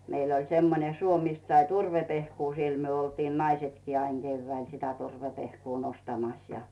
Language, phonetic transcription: Finnish, 'meil ‿oĺ 'semmone 'suo mist sai "turve'pehkuu siel myö oltiin 'naisetkii aiŋ Geyvväil sitä 'turvepehkuu 'nostamas ja .
- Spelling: meillä oli semmoinen suo mistä sai turvepehkua siellä me oltiin naisetkin aina keväällä sitä turvepehkua nostamassa ja

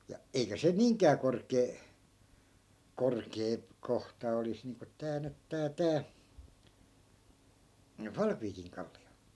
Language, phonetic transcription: Finnish, ja , 'eikä se "niiŋk̀ää 'kork̆kee , 'korkee , 'kohta olis niiŋko 'tää nyt 'tää 'tää , 'falkviikiŋ kalli₍o .
- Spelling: ja eikä se niinkään korkea korkea kohta olisi niin kuin tämä nyt tämä tämä Falkviikin kallio

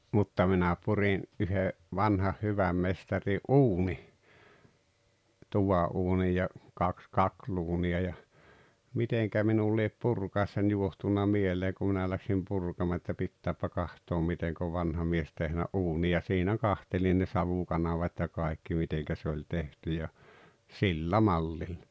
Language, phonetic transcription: Finnish, 'mutta minä 'purin , '’yhe , 'vanhah "hyväm 'mestaŕi’ "’uuni , 'tuva’uunij ja , 'kaks "kakluuni₍a ja , "miteŋkä minul liep "purkàessań 'juohtunna "mielee ku minä läksim 'purkamaa että 'pittääppä 'kahtoom 'miteŋk ‿ov 'vanha mies 'tehnä "’uuni ja 'siinä "kantelin ne "savukanavat́ ja 'kaekki 'miteŋkä se oĺ 'tehty ja , "sillä "mallilʟᴀ .
- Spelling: mutta minä purin yhden vanhan hyvän mestarin uunin tuvanuunin ja kaksi kakluunia ja miten minulle lie purkaessaan johtunut mieleen kun minä lähdin purkamaan että pitääpä katsoa miten on vanha mies tehnyt uunin ja siinä katselin ne savukanavat ja kaikki miten se oli tehty ja sillä mallilla

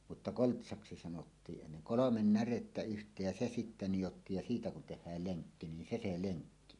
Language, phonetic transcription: Finnish, mutta "koltsaksi sanottii’ 'ennen̬ "kolomen 'närettä 'yht̀eej ja "se sitte 'nijottiij ja "siitä kun 'tehhääl 'leŋkki nin 'se se "leŋkki 'on .
- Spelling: mutta koltsaksi sanottiin ennen kolme närettä yhteen ja se sitten nidottiin ja sitten kun tehdään lenkki niin se se lenkki on

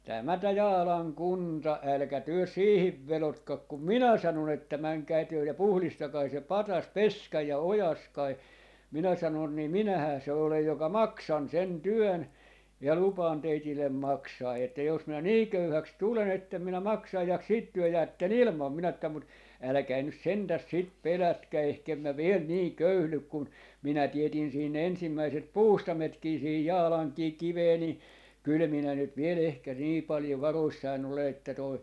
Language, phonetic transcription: Finnish, 'tämä tä "Jaalaŋ 'kunta , 'älkä 'työ "siihiv 'velotkak kum "minä 'sanon ‿että 'mäŋkäi työ ja 'puhlistakai se "patas "peskäi 'ja "ojaskai » , 'minä 'sanon » 'nii "minähää se 'olej 'joka "maksan 'sen "työn , ja 'lupaan 'teitillem "maksaa että jos minä "nii 'köyhäks 'tule'n ‿ettem minä "maksaj ja siit 'työ "jäätten "ilmam » minä että mut , » 'äläkäi nys "sentäs 'sit "pelätkä 'ehkem mä "viel "nii 'köyhlyk kun 'minä 'tietin siin 'ensimmäiset "puustametkii siihij "Jaalaŋkii "kivee ni , kyl minä nyt 'viel ehkä nii 'paljo 'varoissain ‿ole että toi ,.
- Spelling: tämä tämä Jaalan kunta älkää työ siihen vedotko kun minä sanon että menkää te ja puhdistakaa se patsas peskää ja oikaiskaa minä sanoin niin minähän se olen joka maksan sen työn ja lupaan teille maksaa että jos minä niin köyhäksi tulen että en minä maksa ja sitten te jäätte ilman minä että mutta älkää nyt sentään sitä pelätkö ehkä en minä vielä niin köyhdy kun minä teetin siinä ensimmäiset puustaimetkin siihen Jaalankin kiveen niin kyllä minä nyt vielä ehkä niin paljon varoissani olen että tuo

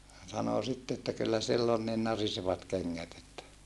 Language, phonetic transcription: Finnish, sano sitte että » kyllä sill ‿on nin narisevat keŋŋät ‿että » ,.
- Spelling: sanoi sitten että kyllä sillä on niin narisevat kengät että

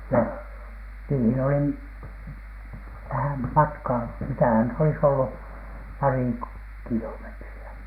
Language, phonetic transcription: Finnish, ja , niihin olim- , vähäm "matkaa , mitähän nyt olis ‿ollu , "parì (ko-,) 'kilometri₍ä .
- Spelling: ja niihin oli vähän matkaa mitähän nyt olisi ollut pari - kilometriä

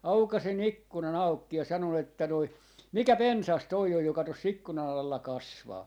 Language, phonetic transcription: Finnish, 'aukasin "ikkunan 'aukki ja 'sanon että noi , » "mikä "pensas toi oj joka 'tos's ‿ikkunan ‿alla 'kasvaa » .
- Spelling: aukaisin ikkunan auki ja sanoin että noin mikä pensas tuo on joka tuossa ikkunan alla kasvaa

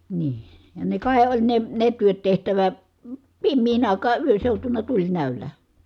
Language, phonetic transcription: Finnish, nii , ja ne kài oĺ ne , ne työt tehtävä , pimmiin ‿àikaa yön̬ seutuna tuĺnä̀ölä .
- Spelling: niin ja ne kai oli ne ne työt tehtävä pimeän aikaan yön seutuna tulinäöllä

